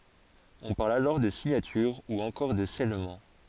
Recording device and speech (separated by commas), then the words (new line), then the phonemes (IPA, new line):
forehead accelerometer, read sentence
On parle alors de signature ou encore de scellement.
ɔ̃ paʁl alɔʁ də siɲatyʁ u ɑ̃kɔʁ də sɛlmɑ̃